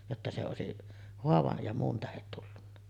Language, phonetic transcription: Finnish, jotta se òesi’ , 'hoavaj ja muun tähet tullunna .
- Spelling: jotta se olisi haavan ja muun tähden tullut

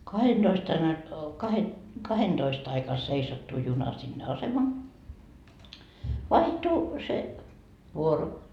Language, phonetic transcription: Finnish, 'kahenDoist ain ai- , kahe- , "kahenDoist aika 'seisattu 'juna sinne "asema , 'vaihtu se , 'vuoro .
- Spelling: kahdentoista aina - - kahdentoista aikaan seisattui juna sinne asema vaihtui se vuoro

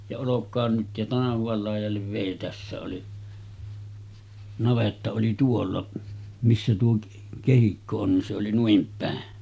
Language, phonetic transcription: Finnish, ja » 'olok̆kaan nyt « ja 'tanahuval làij̆jallev vèi 'tässä oli , 'navetta oli "tuolla , missä tuo 'kehikko on nin se oli 'nuim pä̀en .
- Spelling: ja olkoon nyt ja tanhuan laidalle vei tässä oli navetta oli tuolla missä tuo kehikko on niin se oli noin päin

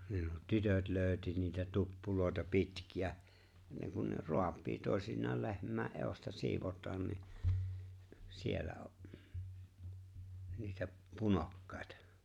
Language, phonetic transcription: Finnish, (nuo) "tytöt 'lööʸti niitä "tuppulòeta 'pitki₍ä , niiŋ kun ne "roap̀ii tòesinnaal 'lehm̆mäe’ '’èo̭sta 'sivot̆taan ni , 'siellä o’ , niitäp , "punokkᴀ̀ᴇtᴀ .
- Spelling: nuo tytöt löysi niitä tuppuja pitkiä niin kun ne raapii toisinaan lehmän edusta sidotaan niin siellä on niitä punokkaita

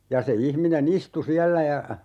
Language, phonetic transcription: Finnish, 'ja se 'ihmine"n ‿istu 'siällä ja ,.
- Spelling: ja se ihminen istui siellä ja

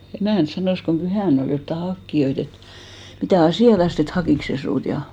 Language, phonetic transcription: Finnish, "emä̀nt 'sanòs kom 'pyhä̀n ‿ol jotta "hakkiʲoit ‿et , » mitä̀ "asì₍atast ‿et "hakìks se suut « ja .
- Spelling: emäntä sanoi kun pyhänä oli jotakin hakijoita että mitä asiaa että hakikos se sinua ja

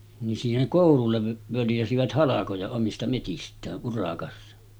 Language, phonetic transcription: Finnish, nin siiheŋ 'kòulullev völjäsivät 'halakoja omista metist̀ää’ ’urakassa .
- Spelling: niin siihen koululle völjäsivät halkoja omista metsistään urakassa

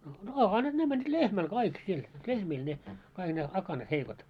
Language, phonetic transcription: Finnish, no 'akanat 'ne mäńńit "lehmäl 'kaik siel , 'lehmiil ne , kaiɢ ne 'akanat 'heikot .
- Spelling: no akanat ne menivät lehmälle kaikki siellä lehmille ne kaikki ne akanat heikot

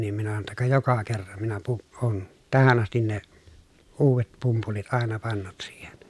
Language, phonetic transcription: Finnish, nim minä sano ‿tta » ka joka kerran , minä pu- , oon , tähän ‿astin ne , uuvet pumpulit àena pannut siihen » .
- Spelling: niin minä sanoin jotta ka joka kerran minä - olen tähän asti ne uudet pumpulit aina pannut siihen

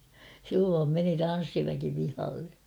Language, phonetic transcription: Finnish, silloom meni 'tan̬ssiväki pihalle .
- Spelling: silloin meni tanssiväki pihalle

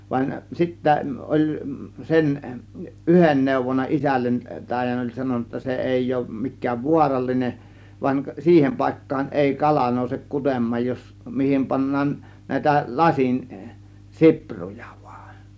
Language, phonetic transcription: Finnish, vain 'sittä , 'ˀoĺ , 'sen , "ˀyhen 'nèuvonna isällen , 'tàėjan oĺ sanon̆na [jot]ta 'se èi òŭm 'mik̆kääv 'vuaralline , van͕ "siihem 'pàėkkaan 'ˀèi 'kala nòusek 'kutem̆maaj jos , "mihim pannaan , 'nä̀ėtä 'lasin , "sipruJA VUAN .
- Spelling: vaan sitten oli sen yhden neuvonut isälle taian oli sanonut jotta se ei ole mikään vaarallinen vaan siihen paikkaan ei kala nouse kutemaan jos mihin pannaan näitä lasin sipruja vain

